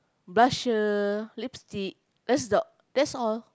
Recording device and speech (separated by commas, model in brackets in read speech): close-talking microphone, conversation in the same room